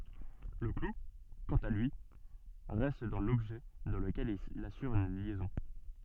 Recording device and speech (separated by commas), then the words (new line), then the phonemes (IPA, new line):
soft in-ear microphone, read sentence
Le clou, quant à lui, reste dans l'objet dans lequel il assure une liaison.
lə klu kɑ̃t a lyi ʁɛst dɑ̃ lɔbʒɛ dɑ̃ ləkɛl il asyʁ yn ljɛzɔ̃